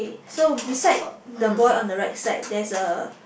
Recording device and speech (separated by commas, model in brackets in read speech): boundary microphone, conversation in the same room